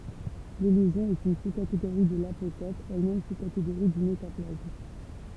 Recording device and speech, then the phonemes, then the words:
temple vibration pickup, read sentence
lelizjɔ̃ ɛt yn suskateɡoʁi də lapokɔp ɛlmɛm suskateɡoʁi dy metaplasm
L'élision est une sous-catégorie de l'apocope, elle-même sous-catégorie du métaplasme.

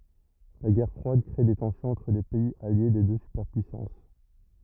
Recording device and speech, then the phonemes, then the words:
rigid in-ear microphone, read sentence
la ɡɛʁ fʁwad kʁe de tɑ̃sjɔ̃z ɑ̃tʁ le pɛiz alje de dø sypɛʁpyisɑ̃s
La Guerre froide crée des tensions entre les pays alliés des deux superpuissances.

